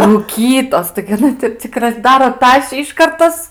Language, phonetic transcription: Lithuanian, rūˈkytos taigi aˈna ti cik razˈdaro ˈtašį iˈškart ˈtas

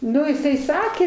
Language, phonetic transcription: Lithuanian, ˈnu jiˈsai ˈsakė

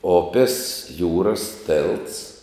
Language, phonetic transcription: Lithuanian, ˈopis ˈjūras ˈtėlts

